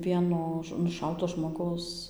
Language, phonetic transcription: Lithuanian, ˈvieno nuˈšauto žmoˈgaus

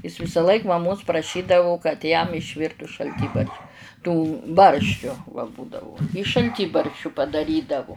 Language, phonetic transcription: Lithuanian, ˈis visaˈlaik maˈmos praˈšydavu kad jam išˈvirtu šalˈtybarš tų ˈbarščiu va ˈbūdavu i šalˈtybarščiu padaˈrydavu

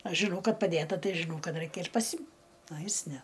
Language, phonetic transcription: Lithuanian, ˈaš žiˈnau ˈkad paˈdėta ˈtai žiˈnau ˈkad ˈraikia ir paˈsim a ˈjis ˈne

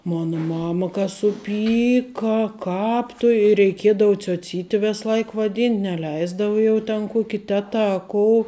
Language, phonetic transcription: Lithuanian, ˈmona ˈmama ka suˈpyka ˈkāp tu i reiˈkiedavu cioˈcyti ˈves ˈlaik vaˈdynt' neˈleisdava ˈjau ten ˈkuoki ˈteta a ˈkou

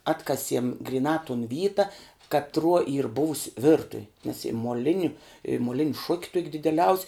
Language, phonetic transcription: Lithuanian, ˈatkasiem griˈnā tun ˈvyta katˈruo yr ˈbuvus' ˈvirtuv' nes i moˈliniu i moˈlin' šuk' tuok' dideˈliaus'

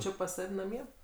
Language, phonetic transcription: Lithuanian, ˈči pas ˈsav' naˈmie

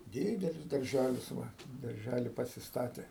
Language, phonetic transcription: Lithuanian, ˈdidelis darˈžælis ˈva darˈžæli pasisˈtatė

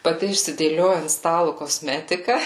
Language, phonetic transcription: Lithuanian, paˈti išsidėˈlioja ant ˈstalu koˈsmetika

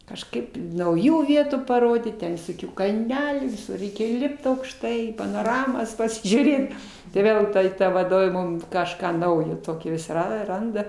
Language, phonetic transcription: Lithuanian, kažˈkaip nauˈjų ˈvietų paˈrodyt ˈten visoˈkių kalˈnelių viˈsur ˈreikia ˈlipt aukšˈtai panoˈramos pasižiūˈrėt tai ˈvėl ˈtuoj ˈta vaˈdovė ˈmum kažˈką ˈnaujo ˈtokio vis ˈra ˈranda

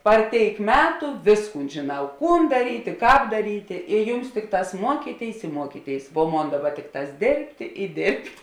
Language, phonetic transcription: Lithuanian, par ˈtėik ˈmetu ˈvėsˌkūn žėˈnau ˈkūn daˈrytė ˈkāp daˈrytė i ˈjums ˈtikˌtās ˈmuokyˌtėis i ˈmuokyˌtėis vuo ˈmon ˈdaˌba ˈtikˌtās ˈdėrbtė i ˈdėrbt'

